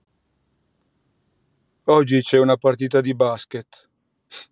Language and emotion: Italian, sad